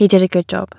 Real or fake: real